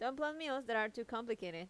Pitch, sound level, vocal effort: 230 Hz, 87 dB SPL, normal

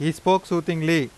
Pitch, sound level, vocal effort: 170 Hz, 92 dB SPL, loud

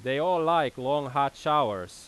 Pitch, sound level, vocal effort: 140 Hz, 96 dB SPL, very loud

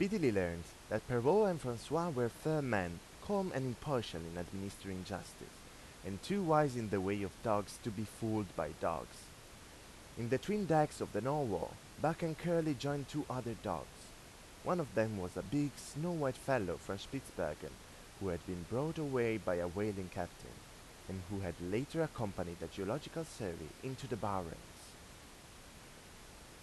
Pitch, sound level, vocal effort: 110 Hz, 87 dB SPL, normal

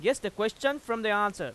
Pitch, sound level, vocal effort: 215 Hz, 97 dB SPL, very loud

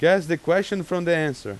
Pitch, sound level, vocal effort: 170 Hz, 94 dB SPL, very loud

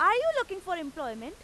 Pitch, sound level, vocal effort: 335 Hz, 99 dB SPL, very loud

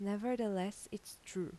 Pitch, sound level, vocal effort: 200 Hz, 82 dB SPL, soft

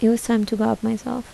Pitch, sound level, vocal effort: 225 Hz, 74 dB SPL, soft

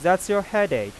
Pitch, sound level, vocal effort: 200 Hz, 95 dB SPL, normal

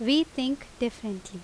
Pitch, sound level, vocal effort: 245 Hz, 84 dB SPL, very loud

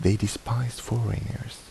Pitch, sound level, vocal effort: 115 Hz, 74 dB SPL, soft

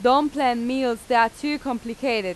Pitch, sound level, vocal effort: 250 Hz, 92 dB SPL, loud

